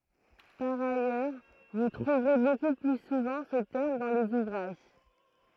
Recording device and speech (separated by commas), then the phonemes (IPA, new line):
throat microphone, read sentence
paʁ ajœʁ vu tʁuvʁe boku ply suvɑ̃ sə tɛʁm dɑ̃ lez uvʁaʒ